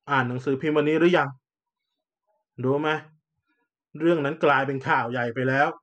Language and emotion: Thai, frustrated